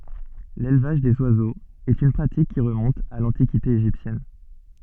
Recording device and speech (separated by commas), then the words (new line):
soft in-ear microphone, read sentence
L'élevage des oiseaux est une pratique qui remonte à l'Antiquité égyptienne.